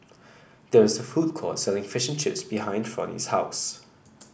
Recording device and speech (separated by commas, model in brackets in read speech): boundary microphone (BM630), read sentence